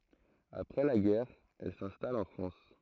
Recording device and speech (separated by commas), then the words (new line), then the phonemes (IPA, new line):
throat microphone, read sentence
Après la guerre, elle s'installe en France.
apʁɛ la ɡɛʁ ɛl sɛ̃stal ɑ̃ fʁɑ̃s